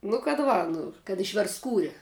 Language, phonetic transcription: Lithuanian, nu kad ˈva ˈnu kad išverstˈskūri

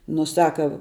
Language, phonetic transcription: Lithuanian, nu ˈsaka

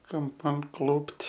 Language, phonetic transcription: Lithuanian, kamˈpan ˈklupt

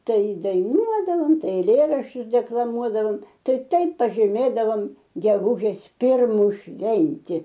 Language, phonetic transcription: Lithuanian, ˈtai daiˈnuodavom ˈtai eiˈlėraščius deklaˈmuodavom ˈtai ˈtaip pažyˈmėdavom geˈgužės ˈpirmu ˈšventi

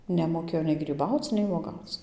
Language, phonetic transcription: Lithuanian, nemoˈkėjo nei gryˈbauc nei vuoˈgauc

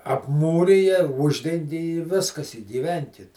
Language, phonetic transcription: Lithuanian, apˈmūrija ˈuždengi i ˈviskas i gyˈvenkit

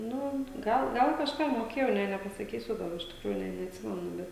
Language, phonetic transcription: Lithuanian, ˈnu ˈgal ˈgal kažˈką moˈkėjau nė nepasaˈkysiu ˈgal iš tikˈrųjų nė neatˈsimenu ˈbet

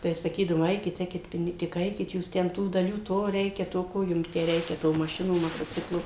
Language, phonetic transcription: Lithuanian, tai saˈkydavom ˈaikit ˈeikit ˈpini tik ˈaikit ˈjūs ten tų daˈlių ˈto ˈreikia to ˈko jum tę ˈreikia tų maˈšinų motoˈciklų

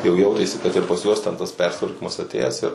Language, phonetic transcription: Lithuanian, jau ˈjautėsi kad ir pas ˈjuos ten tas ˈpersitvarkymas aˈtėjęs ir

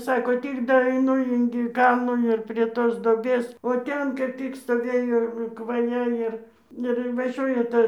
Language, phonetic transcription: Lithuanian, ˈsako ˈtik daeiˈnu ingi ˈkalnų ir prie ˈtos doˈbės o ˈten ˈtik stoˈvėjo kvaˈja ir ir invaˈžiuoja ˈta

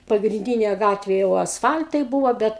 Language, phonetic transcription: Lithuanian, pagrinˈdynė ˈgatvė jau asˈfal'tai ˈbūvo ˈbet

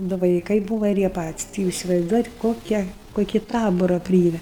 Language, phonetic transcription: Lithuanian, du vaiˈkai ˈbūva ir ˈjie ˈpatis' ti ˈjūs isivaizˈduojat ˈkokia ˈkoki ˈtabora ˈpryeme

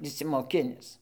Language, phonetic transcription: Lithuanian, išsimoˈkinis

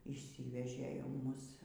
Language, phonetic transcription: Lithuanian, yšˈsyvežė jau ˈmus

